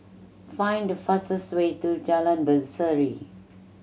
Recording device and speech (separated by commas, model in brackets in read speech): mobile phone (Samsung C7100), read sentence